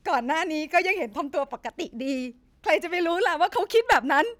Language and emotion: Thai, sad